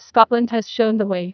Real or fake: fake